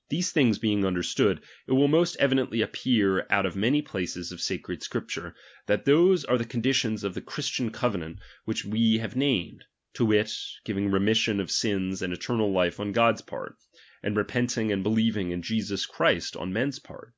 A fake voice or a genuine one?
genuine